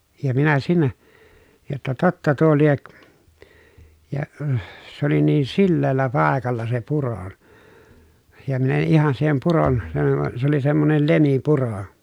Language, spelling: Finnish, ja minä siinä jotta totta tuo lie ja se oli niin sileällä paikalla se puro ja minä en ihan siihen puron se - se oli semmoinen lemipuro
- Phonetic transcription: ja minä siinä , jotta totta tuo liek , ja , s ‿oli niin silleellä pàekalla se puro , ja min ‿en̬ ihan siihem puron , (se) (--) , se ‿oli semmonen lemipuro .

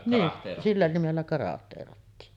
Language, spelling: Finnish, niin sillä nimellä karahteerattiin
- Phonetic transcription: nii , 'sillä nimellä 'karahteerattii .

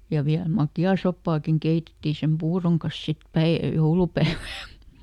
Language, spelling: Finnish, ja vielä makeaa soppaakin keitettiin sen puuron kanssa sitten - joulupäivänä
- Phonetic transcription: ja ˈviäl "makjaa ˈsoppaakiŋ ˈkeitetti sem "puuroŋ kas ˈsit ˈpäi- , "joulupäävän̬ .

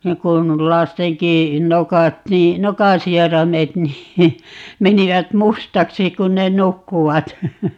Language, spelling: Finnish, niin kuin lastenkin nokat niin nokan sieraimet niin menivät mustaksi kun ne nukkuivat
- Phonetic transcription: 'niiŋ kun , 'lasteŋki , 'nokat nii , "nokaa̰ 'sieramet nii , 'menivät "mustaksi 'kun ne "nukkuvat .

